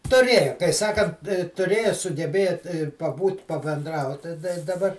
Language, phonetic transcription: Lithuanian, tuˈrėjo kai ˈsakant tuˈrėjo sugeˈbėt ir paˈbūt pabenˈdraut tai dai daˈbar

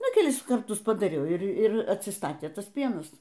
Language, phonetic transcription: Lithuanian, ˈnu kelˈis karˈtus padaˈriau ˈir ˈir atsiˈstatė ˈtas ˈpienas

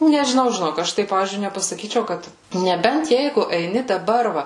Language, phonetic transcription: Lithuanian, nežiˈnau žiˈnok ˈaš tai ˈpavyzdžiui nepasaˈkyčiau ˈkad neˈbent ˈjeigu eiˈni daˈbar ˈva

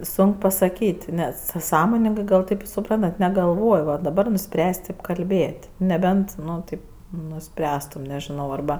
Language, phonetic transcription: Lithuanian, ˈsonk pasaˈkyt' nes sa ˈsąmoningɜ gal ˈtaip suˈprantat negalˈvoj va daˈbar nuˈspręs' ˈtip kalˈbėt' neˈbent ˈnu ˈtaip nuˈspręstum nežiˈnau arˈba

